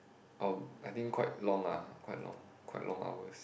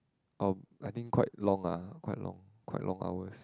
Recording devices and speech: boundary microphone, close-talking microphone, conversation in the same room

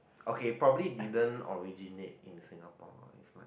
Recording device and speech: boundary microphone, conversation in the same room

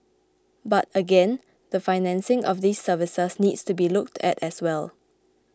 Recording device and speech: close-talking microphone (WH20), read sentence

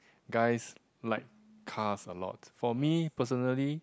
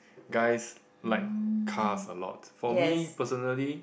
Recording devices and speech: close-talking microphone, boundary microphone, conversation in the same room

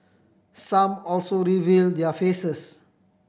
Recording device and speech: boundary microphone (BM630), read sentence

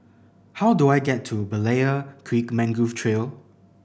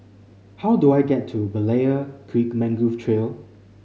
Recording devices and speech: boundary microphone (BM630), mobile phone (Samsung C5010), read sentence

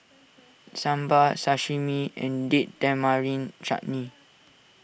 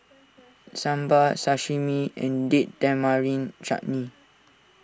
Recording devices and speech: boundary microphone (BM630), standing microphone (AKG C214), read sentence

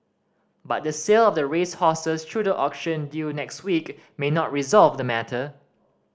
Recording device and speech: standing microphone (AKG C214), read sentence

